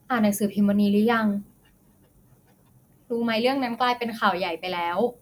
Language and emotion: Thai, neutral